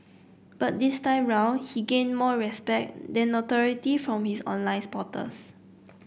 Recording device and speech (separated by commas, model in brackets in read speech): boundary microphone (BM630), read sentence